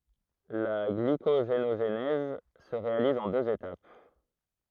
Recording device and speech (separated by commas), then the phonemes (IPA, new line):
throat microphone, read sentence
la ɡlikoʒenoʒnɛz sə ʁealiz ɑ̃ døz etap